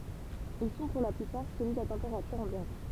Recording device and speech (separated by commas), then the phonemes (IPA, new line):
temple vibration pickup, read sentence
il sɔ̃ puʁ la plypaʁ solidz a tɑ̃peʁatyʁ ɑ̃bjɑ̃t